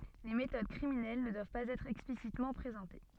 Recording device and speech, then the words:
soft in-ear microphone, read sentence
Les méthodes criminelles ne doivent pas être explicitement présentées.

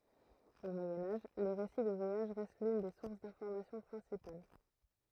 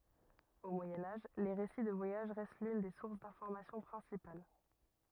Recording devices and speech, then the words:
throat microphone, rigid in-ear microphone, read sentence
Au Moyen Âge, les récits de voyage restent l'une des sources d'informations principales.

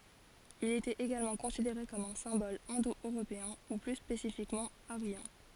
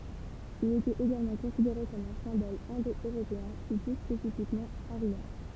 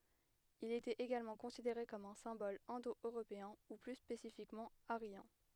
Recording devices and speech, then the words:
forehead accelerometer, temple vibration pickup, headset microphone, read sentence
Il était également considéré comme un symbole indo-européen, ou plus spécifiquement aryen.

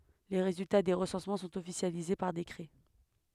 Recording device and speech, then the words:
headset microphone, read sentence
Les résultats des recensements sont officialisés par décret.

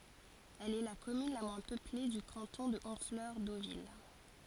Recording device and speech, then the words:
forehead accelerometer, read sentence
Elle est la commune la moins peuplée du canton de Honfleur-Deauville.

